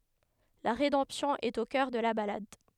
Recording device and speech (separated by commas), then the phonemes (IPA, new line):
headset microphone, read sentence
la ʁedɑ̃psjɔ̃ ɛt o kœʁ də la balad